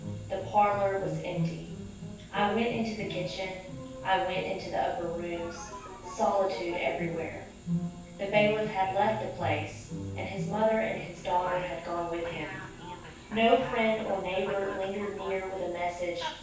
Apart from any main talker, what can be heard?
A television.